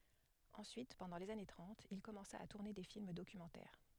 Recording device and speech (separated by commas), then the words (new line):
headset microphone, read sentence
Ensuite, pendant les années trente, il commença à tourner des films documentaires.